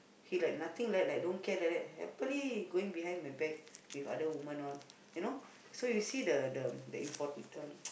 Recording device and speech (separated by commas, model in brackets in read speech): boundary microphone, conversation in the same room